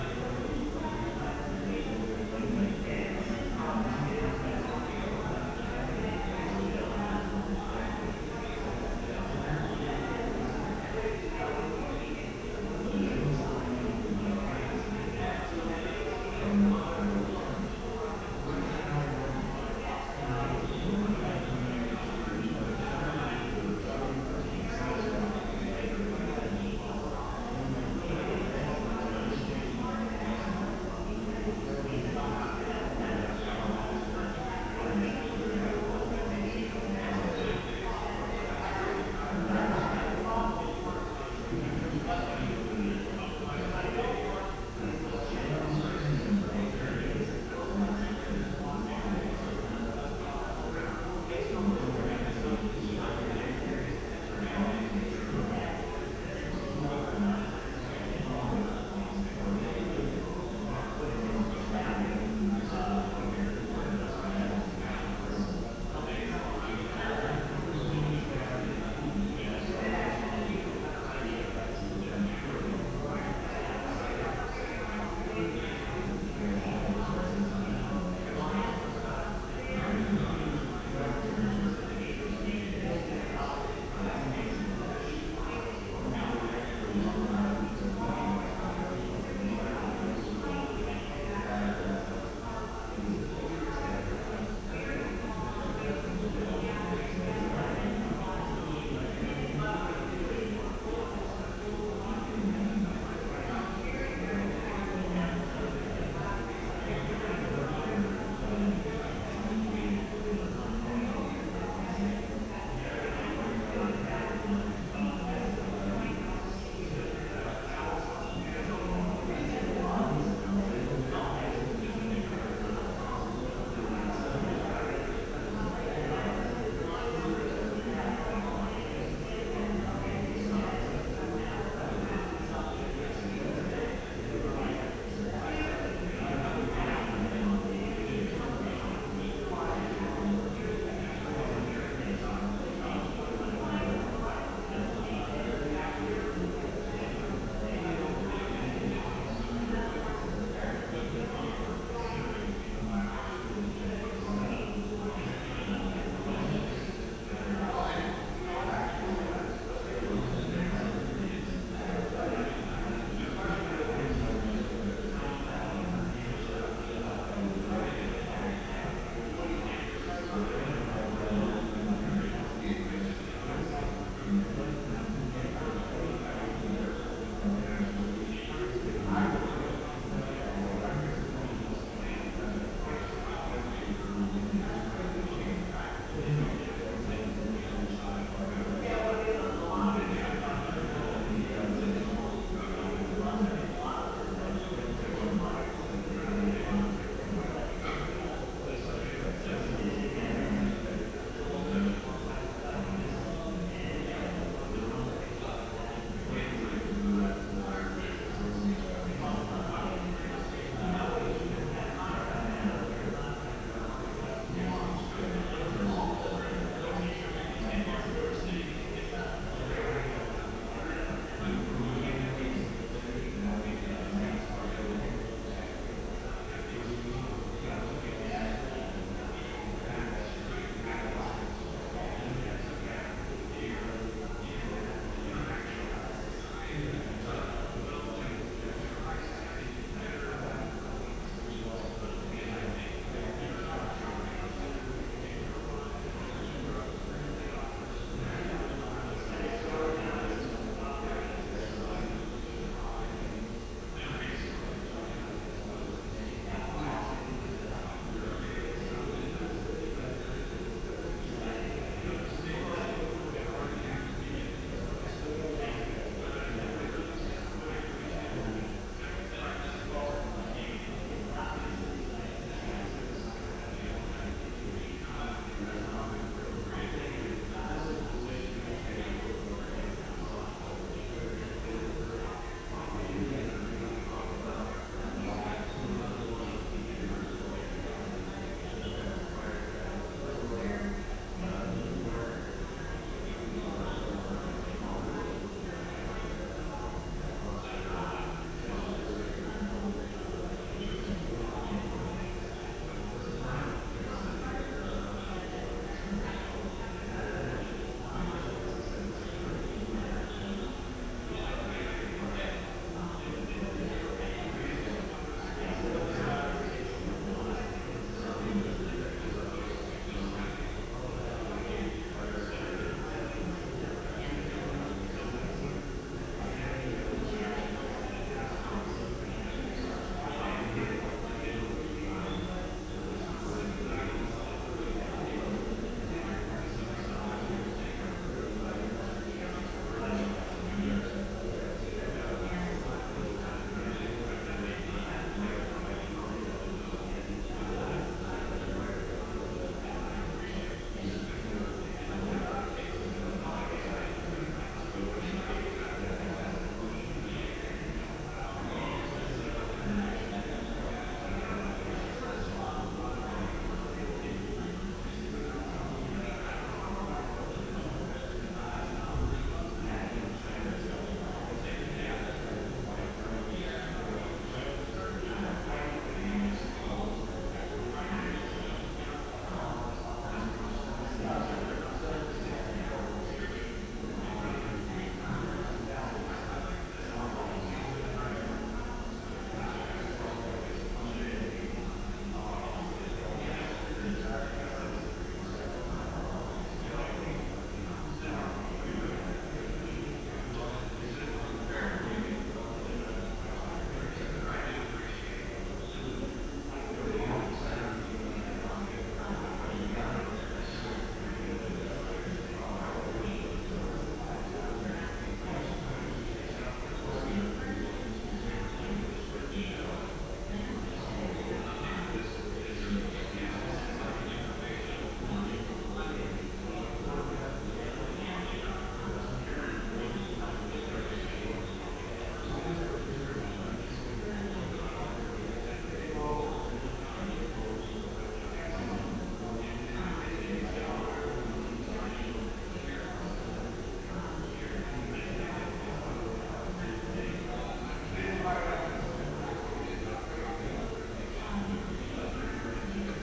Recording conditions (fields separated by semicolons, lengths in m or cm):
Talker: no one; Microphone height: 1.7 m; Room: very reverberant, large; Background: babble